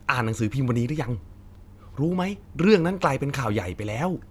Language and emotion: Thai, happy